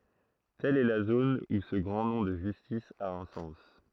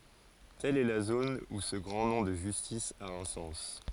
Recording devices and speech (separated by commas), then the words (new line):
throat microphone, forehead accelerometer, read sentence
Telle est la zone où ce grand nom de justice a un sens.